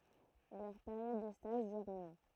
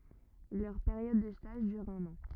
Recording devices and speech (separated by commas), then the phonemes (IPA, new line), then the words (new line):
throat microphone, rigid in-ear microphone, read sentence
lœʁ peʁjɔd də staʒ dyʁ œ̃n ɑ̃
Leur période de stage dure un an.